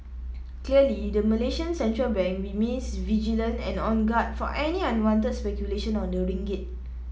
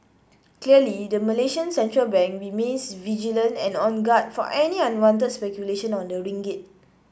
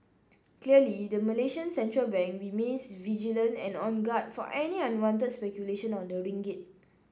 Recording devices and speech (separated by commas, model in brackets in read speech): mobile phone (iPhone 7), boundary microphone (BM630), standing microphone (AKG C214), read sentence